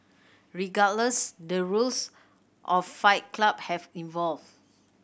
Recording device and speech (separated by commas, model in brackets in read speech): boundary microphone (BM630), read sentence